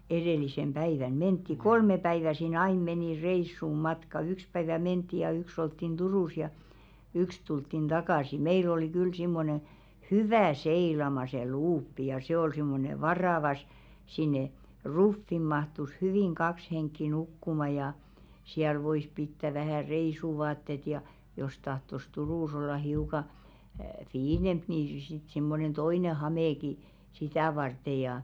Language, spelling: Finnish, edellisenä päivänä mentiin kolme päivää siinä aina meni reissun matka yksi päivä mentiin ja yksi oltiin Turussa ja yksi tultiin takaisin meillä oli kyllä semmoinen hyvä seilaamaan se luuppi ja se oli semmoinen varava - sinne ruffiin mahtui hyvin kaksi henkeä nukkumaan ja siellä voi pitää vähän reissuvaatteet ja jos tahtoi Turussa olla hiukan fiinimpi niin - sitten semmoinen toinen hamekin sitä varten ja
- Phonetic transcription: 'eðèlisem̳§ päivän "mentti "kolme 'päivä sii"n ‿ain 'menì "reissum̆ "matka 'yks päivä "ment̆ti ja 'yks ‿olttin "Durùs ja , 'yks tulttin "ᴅakàsi 'meil ‿oli 'kyl simmone , "hyvä̀ 'seilama se "luuppi ja se ol simmone 'varàva s- , sinne , "ruffim̆ mahtus 'hyvìŋ "kaks heŋkki 'nukkuma ja , 'siäl 'vois pittä vähä̀ "reisuvaattet ja , jos 'tahtos "Turùs ‿olla 'hiuka , "fiinemp ni si- sit simmonen toine 'hamèki , 'sitä̀ varteʲ jà .

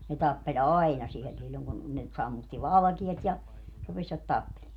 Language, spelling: Finnish, ne tappeli aina siellä silloin kun ne sammutti valkeat ja rupesivat tappelemaan
- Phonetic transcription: ne 'tappe"ĺ ‿aina siel silloŋ kun , ne , 'sammutti "valᵃkiɛt ja , 'rupesvat "tappelee .

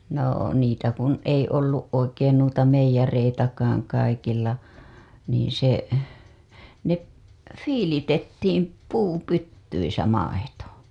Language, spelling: Finnish, no niitä kun ei ollut oikein noita meijereitäkään kaikilla niin se ne viilitettiin puupytyissä maito
- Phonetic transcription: noo , niitä kun ei olluˀ ˀoikeen nuita meij̆ja-reitakaaŋ kaikilla , niiḭ se , ne , "fiilitettiim , 'puupyttyisä 'maito .

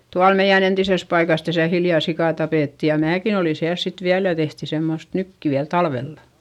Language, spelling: Finnish, tuolla meidän entisessä paikassa tässä hiljan sika tapettiin ja minäkin olin siellä sitten vielä ja tehtiin semmoista nyttyä talvella
- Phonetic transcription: tual meiʲän ‿entises paikas täsä hiljà sikà tapètti ja määkin ‿oli siäls sit viäl ja tehti semmost nytt₍yä , talvella .

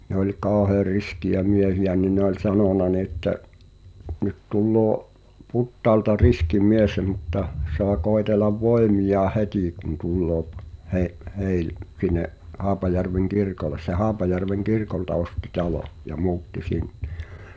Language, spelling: Finnish, ne oli kauhean riskejä miehiä niin ne oli sanonut niin että nyt tulee Putaalta riski mies mutta saa koetella voimiaan heti kun tulee - - - sinne Haapajärven kirkolle se Haapajärven kirkolta osti talon ja muutti sinne
- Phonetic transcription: ne ‿oĺ "káohᵃèr 'riskijä 'miehijä nin̆ ne ‿oĺ "sanòna ni̬ ‿ĕttä , » nyt tulloo , 'Puttaalta "riski 'miesᵉ muttah , soa 'koetelav 'voemiʲaah "hetì kun tulloo p- , he’- 'heil- , 'sin̆ne’ , 'Haapajärveŋ "kirkoles « se 'Haapajärveŋ "kirkolta osti 'talo’ , ja 'mu̬utti sinɴᴱ .

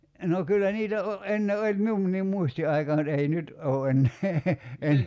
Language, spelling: Finnish, no kyllä niitä - ennen oli minunkin muistin aikaan mutta ei nyt ole enää en
- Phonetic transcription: no 'kyllä niitä o- , '’enne oĺ 'miunniim "muisti aikaa (mut) ei 'nyt , 'oo̭ ennee , en ,.

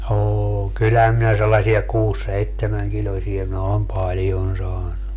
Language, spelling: Finnish, on kyllähän minä sellaisia kuusi seitsemänkiloisia minä olen paljon saanut
- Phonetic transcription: 'oon - 'kylhäm minä sellasia 'kuus - "seittemäŋkiĺosie mä om 'paljon saannu .

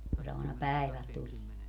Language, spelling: Finnish, kun se aina päivällä tulee
- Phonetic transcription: ku se àina "pä̀iväl 'tulie .

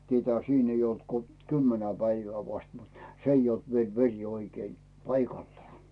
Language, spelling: Finnish, tietäähän siinä ei ollut kun kymmenen päivää vasta mutta se ei ollut vielä veri oikein paikallaan
- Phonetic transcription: 'tietähᵃ̈ siin ei olt ko "kymmenä 'päivää vast mut , 's ‿ei olt viel 'veŕ oikei , "paikallᵒaa .§

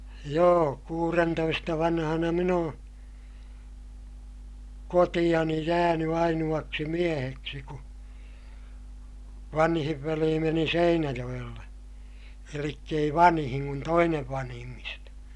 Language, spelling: Finnish, joo kuudentoista vanhana minä olen kotiini jäänyt ainoaksi mieheksi kun vanhin veli meni Seinäjoelle eli ei vanhin kun toinen vanhimmista
- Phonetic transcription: joo , kuurentoista vanhana min ‿oo̰ , kotiʲani jääny ainu₍aksi mieheksi ku , vanhiv velii meni Seinäjoʲelle , elikk ‿ei vanhiŋ kun toinev vanhimmista .

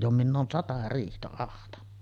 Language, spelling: Finnish, jo minä olen sata riihtä ahtanut
- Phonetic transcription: jo minⁿ ‿oon "sata 'riihtä ahtanna .

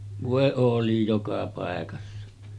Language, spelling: Finnish, voi oli joka paikassa
- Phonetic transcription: 'vòe 'òli joka pàekassa .

